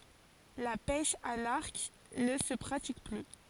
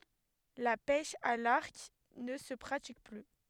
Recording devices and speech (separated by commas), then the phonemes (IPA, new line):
forehead accelerometer, headset microphone, read sentence
la pɛʃ a laʁk nə sə pʁatik ply